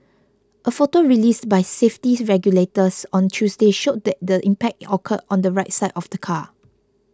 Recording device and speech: close-talking microphone (WH20), read sentence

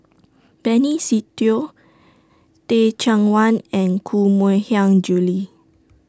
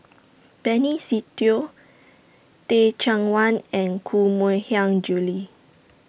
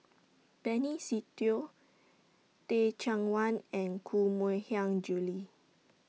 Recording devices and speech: standing microphone (AKG C214), boundary microphone (BM630), mobile phone (iPhone 6), read sentence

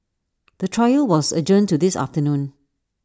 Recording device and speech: standing microphone (AKG C214), read sentence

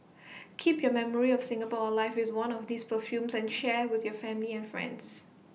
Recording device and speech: mobile phone (iPhone 6), read sentence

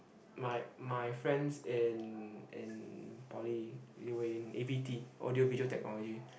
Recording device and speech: boundary microphone, conversation in the same room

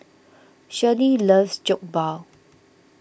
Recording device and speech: boundary microphone (BM630), read sentence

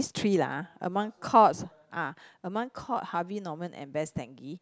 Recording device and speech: close-talking microphone, conversation in the same room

